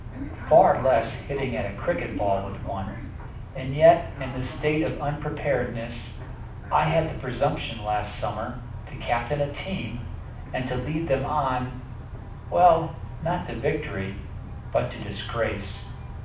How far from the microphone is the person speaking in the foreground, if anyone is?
5.8 m.